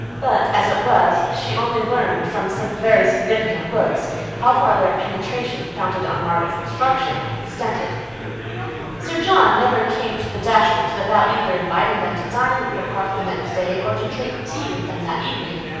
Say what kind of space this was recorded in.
A large, very reverberant room.